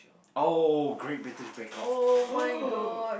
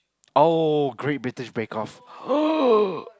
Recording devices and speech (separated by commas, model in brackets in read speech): boundary microphone, close-talking microphone, conversation in the same room